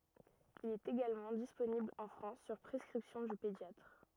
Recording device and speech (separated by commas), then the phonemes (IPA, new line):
rigid in-ear microphone, read sentence
il ɛt eɡalmɑ̃ disponibl ɑ̃ fʁɑ̃s syʁ pʁɛskʁipsjɔ̃ dy pedjatʁ